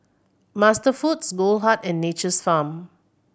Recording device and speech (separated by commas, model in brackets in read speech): boundary microphone (BM630), read sentence